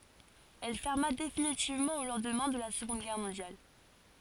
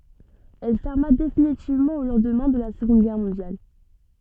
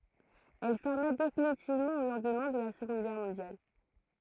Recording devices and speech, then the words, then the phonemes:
forehead accelerometer, soft in-ear microphone, throat microphone, read sentence
Elle ferma définitivement au lendemain de la Seconde Guerre mondiale.
ɛl fɛʁma definitivmɑ̃ o lɑ̃dmɛ̃ də la səɡɔ̃d ɡɛʁ mɔ̃djal

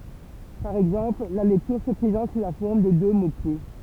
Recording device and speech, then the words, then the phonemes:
temple vibration pickup, read sentence
Par exemple, la lecture se présente sous la forme de deux mots-clefs.
paʁ ɛɡzɑ̃pl la lɛktyʁ sə pʁezɑ̃t su la fɔʁm də dø mokle

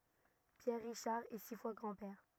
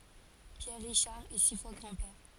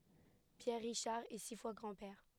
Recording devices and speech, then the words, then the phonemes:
rigid in-ear microphone, forehead accelerometer, headset microphone, read sentence
Pierre Richard est six fois grand-père.
pjɛʁ ʁiʃaʁ ɛ si fwa ɡʁɑ̃dpɛʁ

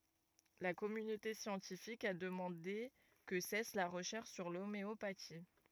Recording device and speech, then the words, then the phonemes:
rigid in-ear microphone, read sentence
La communauté scientifique a demandé que cesse la recherche sur l'homéopathie.
la kɔmynote sjɑ̃tifik a dəmɑ̃de kə sɛs la ʁəʃɛʁʃ syʁ lomeopati

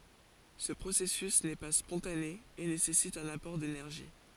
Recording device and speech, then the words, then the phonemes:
forehead accelerometer, read sentence
Ce processus n'est pas spontané, et nécessite un apport d'énergie.
sə pʁosɛsys nɛ pa spɔ̃tane e nesɛsit œ̃n apɔʁ denɛʁʒi

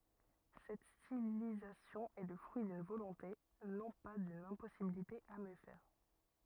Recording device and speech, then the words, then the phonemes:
rigid in-ear microphone, read sentence
Cette stylisation est le fruit d'une volonté, non pas d'une impossibilité à mieux faire.
sɛt stilizasjɔ̃ ɛ lə fʁyi dyn volɔ̃te nɔ̃ pa dyn ɛ̃pɔsibilite a mjø fɛʁ

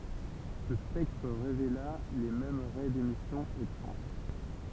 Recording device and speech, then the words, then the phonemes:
temple vibration pickup, read sentence
Ce spectre révéla les mêmes raies d’émission étranges.
sə spɛktʁ ʁevela le mɛm ʁɛ demisjɔ̃ etʁɑ̃ʒ

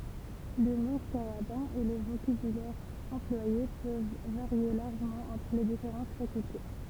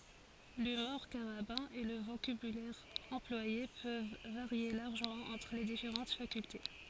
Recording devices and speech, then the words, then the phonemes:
temple vibration pickup, forehead accelerometer, read sentence
L'humour carabin et le vocabulaire employé peuvent varier largement entre les différentes facultés.
lymuʁ kaʁabɛ̃ e lə vokabylɛʁ ɑ̃plwaje pøv vaʁje laʁʒəmɑ̃ ɑ̃tʁ le difeʁɑ̃t fakylte

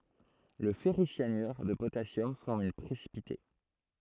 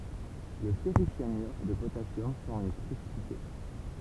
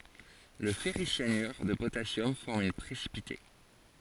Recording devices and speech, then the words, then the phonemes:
throat microphone, temple vibration pickup, forehead accelerometer, read sentence
Le ferricyanure de potassium forme un précipité.
lə fɛʁisjanyʁ də potasjɔm fɔʁm œ̃ pʁesipite

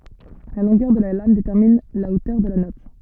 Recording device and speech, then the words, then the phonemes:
soft in-ear microphone, read sentence
La longueur de la lame détermine la hauteur de la note.
la lɔ̃ɡœʁ də la lam detɛʁmin la otœʁ də la nɔt

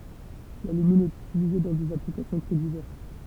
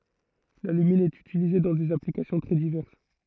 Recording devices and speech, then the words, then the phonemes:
temple vibration pickup, throat microphone, read sentence
L'alumine est utilisé dans des applications très diverses.
lalymin ɛt ytilize dɑ̃ dez aplikasjɔ̃ tʁɛ divɛʁs

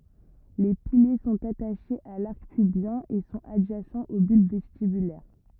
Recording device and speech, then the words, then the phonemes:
rigid in-ear microphone, read sentence
Les piliers sont attachés à l'arc pubien et sont adjacents aux bulbes vestibulaires.
le pilje sɔ̃t ataʃez a laʁk pybjɛ̃ e sɔ̃t adʒasɑ̃z o bylb vɛstibylɛʁ

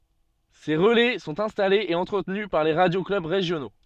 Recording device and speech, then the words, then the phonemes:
soft in-ear microphone, read sentence
Ces relais sont installés et entretenus par les radio-clubs régionaux.
se ʁəlɛ sɔ̃t ɛ̃stalez e ɑ̃tʁətny paʁ le ʁadjo klœb ʁeʒjono

